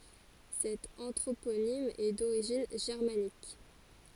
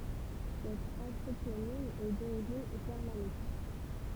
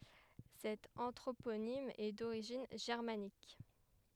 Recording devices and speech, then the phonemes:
forehead accelerometer, temple vibration pickup, headset microphone, read sentence
sɛt ɑ̃tʁoponim ɛ doʁiʒin ʒɛʁmanik

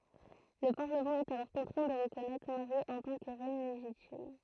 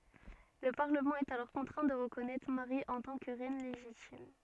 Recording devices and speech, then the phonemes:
throat microphone, soft in-ear microphone, read sentence
lə paʁləmɑ̃ ɛt alɔʁ kɔ̃tʁɛ̃ də ʁəkɔnɛtʁ maʁi ɑ̃ tɑ̃ kə ʁɛn leʒitim

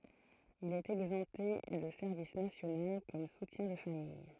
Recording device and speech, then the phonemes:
throat microphone, read sentence
il ɛt ɛɡzɑ̃pte də sɛʁvis nasjonal kɔm sutjɛ̃ də famij

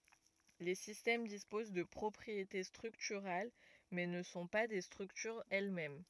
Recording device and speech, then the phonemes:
rigid in-ear microphone, read sentence
le sistɛm dispoz də pʁɔpʁiete stʁyktyʁal mɛ nə sɔ̃ pa de stʁyktyʁz ɛl mɛm

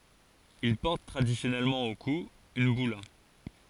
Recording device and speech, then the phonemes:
forehead accelerometer, read sentence
il pɔʁt tʁadisjɔnɛlmɑ̃ o ku yn byla

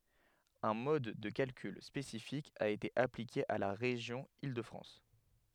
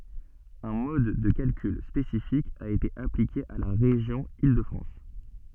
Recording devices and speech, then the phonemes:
headset microphone, soft in-ear microphone, read sentence
œ̃ mɔd də kalkyl spesifik a ete aplike a la ʁeʒjɔ̃ il də fʁɑ̃s

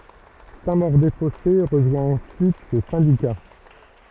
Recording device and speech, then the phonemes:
rigid in-ear microphone, read sentence
sɛ̃ moʁ de fɔse ʁəʒwɛ̃ ɑ̃syit sə sɛ̃dika

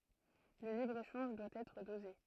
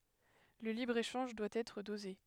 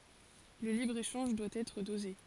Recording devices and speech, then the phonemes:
throat microphone, headset microphone, forehead accelerometer, read sentence
lə libʁəeʃɑ̃ʒ dwa ɛtʁ doze

